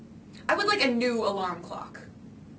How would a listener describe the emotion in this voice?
angry